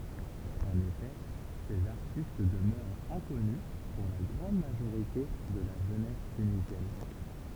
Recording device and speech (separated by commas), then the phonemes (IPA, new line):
temple vibration pickup, read sentence
ɑ̃n efɛ sez aʁtist dəmœʁt ɛ̃kɔny puʁ la ɡʁɑ̃d maʒoʁite də la ʒønɛs tynizjɛn